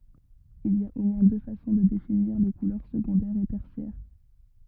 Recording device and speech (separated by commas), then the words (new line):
rigid in-ear microphone, read sentence
Il y a au moins deux façons de définir les couleurs secondaires et tertiaires.